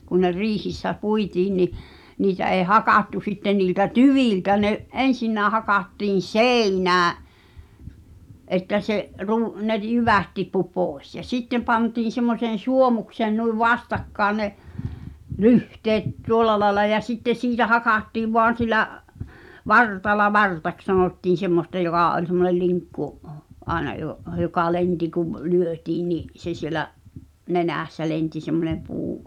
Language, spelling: Finnish, kun ne riihissä puitiin niin niitä ei hakattu sitten niiltä tyviltä ne ensinnäkin hakattiin seinään että se - ne - jyvät tippui pois ja sitten pantiin semmoiseen suomukseen noin vastakkain ne lyhteet tuolla lailla ja sitten siitä hakattiin vain sillä vartalla vartaksi sanottiin semmoista joka oli semmoinen linkku aina - joka lensi kun lyötiin niin se siellä nenässä lensi semmoinen puu
- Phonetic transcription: kun ne "riihissä 'puitiin ni , niitä èi̬ "hakàttu sitten niiltä "tyvìltä ne’ , 'ensinnää hakattiin̬ "sèinää , ’että se’ , ru- , ne r- "jyvät tippu 'pòes ja "sitte pantiin̬ semmoseen̬ "suomukseen nuiv 'vastakkaan ne , "lyhteet 'tuol̆la laela ja 'sitte 'siitä "hakàttiiv voan̬ silä’ , "vartala "vartaks sanòttiin̬ 'semmosta joɢà oĺ semmonel 'liŋkku’ , '’aena jo’- , joka 'ienti kuv , 'lyötiin ni’ , se sielä’ , "nenä̀ssä lenti semmone 'puu .

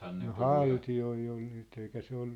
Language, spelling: Finnish, no haltijoita oli nyt eikä se ollut
- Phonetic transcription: no "halti₍oi ol nyt eikä 'se ‿ollu ,.

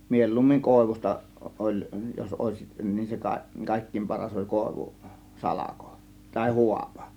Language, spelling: Finnish, mieluummin koivusta oli jos olisi niin se - kaikkein paras oli koivu salko tai haapa
- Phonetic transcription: 'mielluummiŋ "kòėvus̆ta , ˀoĺ , jos 'òėsiˀ , nin 'se ka- , 'kàėkkiim "paras oĺ 'kòėvu , "salako , tàė 'huapA .

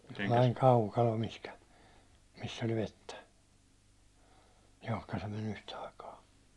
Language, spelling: Finnish, sellainen kaukalo mihin missä oli vettä johon se meni yhtä aikaa
- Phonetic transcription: (sellai)n 'kaukalo mihkä , miss ‿oĺ 'vettä , 'johka se me'n ‿yhtä aikaa .

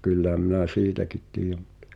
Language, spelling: Finnish, kyllähän minä siitäkin tiedän mutta
- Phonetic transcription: 'kylläʰäm minä "siitäkit tiij(ä)ᴍ ᴍᴜttᴀ ,.

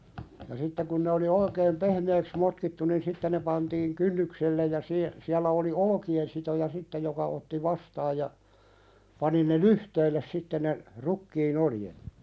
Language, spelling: Finnish, ja sitten kun ne oli oikein pehmeäksi motkittu niin sitten ne pantiin kynnykselle ja - siellä oli olkinen sitoja sitten joka otti vastaan ja pani ne lyhteille sitten ne rukiin oljet
- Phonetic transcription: ja sitte kun ne oli 'oikeem "pehmeeks motkittu nin 'sitte ne pantiiŋ "kynnykselle ja sie- , siällä oli "olᵒki₍en sitoja 'sitte joka otti "vastaaj ja , pani ne "lyhteilles 'sitte ne , "rukkii'n ‿oljet .

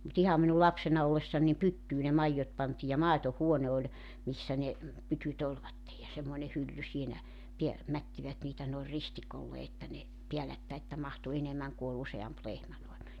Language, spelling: Finnish, mutta ihan minun lapsena ollessani niin pyttyyn ne maidot pantiin ja maitohuone oli missä ne pytyt olivat ja semmoinen hylly siinä - mättivät niitä noin ristikolle että ne päällekkäin että mahtui enemmän kun oli useampi lehmä noin
- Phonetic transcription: mut 'iham minu 'lapsena ollessan nim "pyttyy ne 'maijjot pantii ja "màeto"huone oĺ , 'missä ne , 'pytyt ‿olvattej ja 'semmoⁱne hylly siinä , piä- , 'mättivät niitä noi̬r 'ristikolle että ne , 'piälättäi että 'mahtu 'enemmäŋ ku ol 'use₍amp 'lehmä noen .

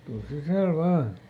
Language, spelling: Finnish, tule sisälle vain
- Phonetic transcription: ˈtuls "sisä̀l ˈvaan !

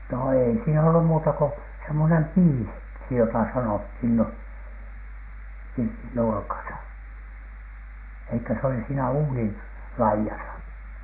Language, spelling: Finnish, no ei siinä ollut muuta kuin semmoinen - piisiksi jota sanottiin no pirtin nurkassa ei kun se oli siinä uunin laidassa
- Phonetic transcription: no èi siin ‿ollu muuta ko , semmonem "piisi- , -ksi jotà sanothin no , pirtin 'nurkasa , 'ei ‿kö se oli siinä "uunin , 'laijasa .

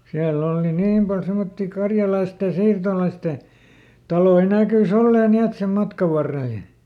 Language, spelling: Finnish, siellä on - niin paljon semmoisia karjalaisten siirtolaisten taloja näkyi olleen niin että sen matkan varrella ja
- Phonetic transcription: ˈsiälˈl ‿ol ni- "niim pal ˈsemotti ˈkarjalaistè ˈsiirtolaiste , ˈtaloi , "nä̀kyˈs ‿ollee ˈni et sem ˈmatkav ˈvarrel ʲᵃ ,.

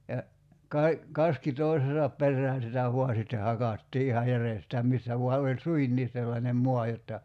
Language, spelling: Finnish, ja - kaski toisensa perään sitä vain sitten hakattiin ihan järjestään missä vain oli suinkin sellainen maa jotta
- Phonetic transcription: ja , 'kai̬- , 'kaski 'toisesap 'perrään̬ sitä 'vua sitte 'hakattii iha 'järestää 'missä vua 'oĺ "suinniis sellanem 'moa jotta ,.

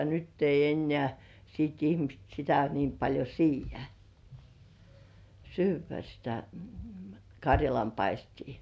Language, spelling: Finnish, nyt ei enää sitten ihmiset sitä niin paljon siedä syödä sitä karjalanpaistia
- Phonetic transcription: nytt ‿eij̆§j ‿'ennĕä̀ , siit ihmist sitä 'niim paĺjo "siij̆§jä , 'syyv̆vä sitä , "kaŕjalampaistii .

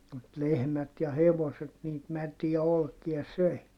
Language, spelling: Finnish, mutta lehmät ja hevoset niitä mätiä olkia söi
- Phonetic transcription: mut lehmät ja hevoset niit mätiä olkia söi .

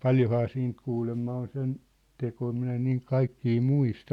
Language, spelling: Finnish, paljonhan siitä kuulemma on sen tekoja minä en niin kaikkia muista
- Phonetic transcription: paljohaa 'siint 'kuulemma on 'sen , 'tekoi minä en niiŋ 'kaikkii 'muista .

